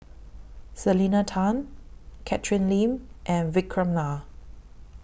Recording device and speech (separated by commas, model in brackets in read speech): boundary microphone (BM630), read sentence